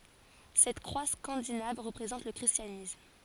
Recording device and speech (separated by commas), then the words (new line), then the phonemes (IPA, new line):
forehead accelerometer, read sentence
Cette croix scandinave représente le christianisme.
sɛt kʁwa skɑ̃dinav ʁəpʁezɑ̃t lə kʁistjanism